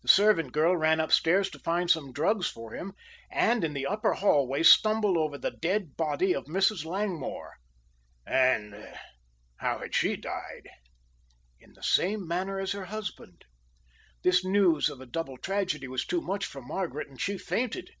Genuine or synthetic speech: genuine